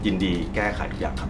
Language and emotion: Thai, neutral